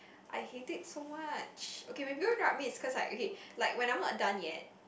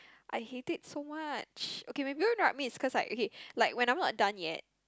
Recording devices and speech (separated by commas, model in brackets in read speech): boundary microphone, close-talking microphone, conversation in the same room